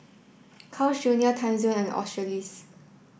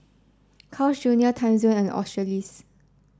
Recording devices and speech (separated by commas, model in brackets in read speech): boundary microphone (BM630), standing microphone (AKG C214), read sentence